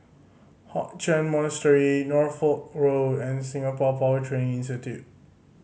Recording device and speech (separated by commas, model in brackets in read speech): mobile phone (Samsung C5010), read sentence